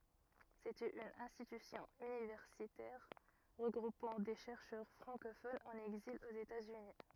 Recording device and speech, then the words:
rigid in-ear microphone, read sentence
C'était une institution universitaire regroupant des chercheurs francophones en exil aux États-Unis.

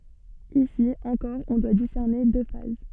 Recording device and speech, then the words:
soft in-ear microphone, read sentence
Ici, encore on doit discerner deux phases.

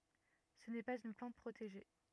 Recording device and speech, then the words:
rigid in-ear microphone, read sentence
Ce n'est pas une plante protégée.

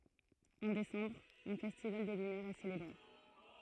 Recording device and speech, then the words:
throat microphone, read sentence
En décembre, un festival des lumières est célébré.

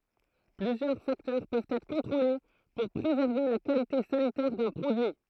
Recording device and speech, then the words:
throat microphone, read sentence
Plusieurs facteurs peuvent être contrôlés pour préserver la qualité sanitaire d'un produit.

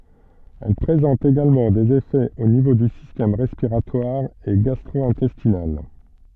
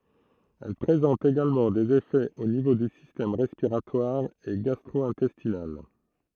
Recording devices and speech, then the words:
soft in-ear microphone, throat microphone, read sentence
Elle présente également des effets au niveau du système respiratoire et gastro-intestinal.

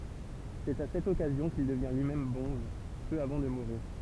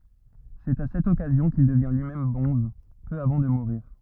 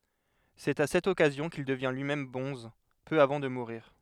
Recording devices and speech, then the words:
temple vibration pickup, rigid in-ear microphone, headset microphone, read sentence
C'est à cette occasion qu'il devient lui-même bonze, peu avant de mourir.

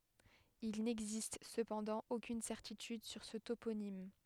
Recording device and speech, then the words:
headset microphone, read sentence
Il n'existe cependant aucune certitude sur ce toponyme.

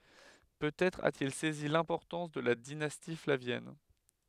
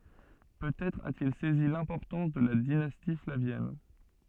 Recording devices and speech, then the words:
headset microphone, soft in-ear microphone, read sentence
Peut-être a-t-il saisi l’importance de la dynastie flavienne.

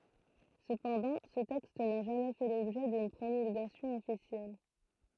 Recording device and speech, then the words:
throat microphone, read sentence
Cependant, ce texte n'a jamais fait l'objet d'une promulgation officielle.

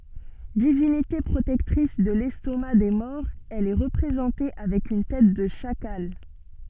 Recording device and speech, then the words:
soft in-ear microphone, read sentence
Divinité protectrice de l’estomac des morts, elle est représentée avec une tête de chacal.

